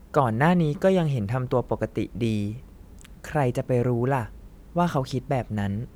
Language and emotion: Thai, neutral